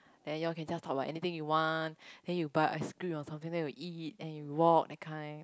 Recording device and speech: close-talking microphone, conversation in the same room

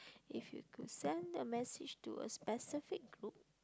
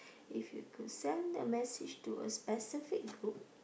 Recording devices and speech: close-talking microphone, boundary microphone, conversation in the same room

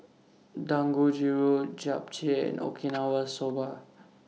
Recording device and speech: mobile phone (iPhone 6), read sentence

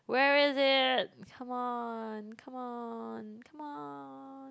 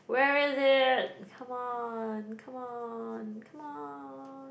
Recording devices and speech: close-talking microphone, boundary microphone, conversation in the same room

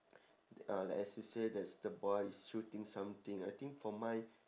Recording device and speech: standing microphone, conversation in separate rooms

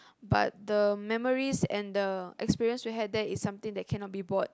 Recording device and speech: close-talking microphone, conversation in the same room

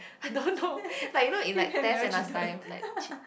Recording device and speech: boundary microphone, conversation in the same room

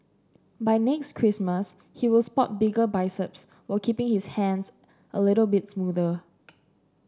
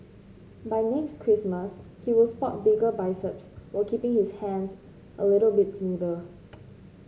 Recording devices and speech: standing microphone (AKG C214), mobile phone (Samsung C5), read sentence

